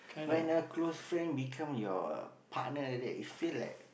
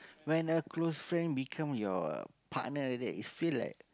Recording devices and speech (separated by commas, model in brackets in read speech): boundary microphone, close-talking microphone, conversation in the same room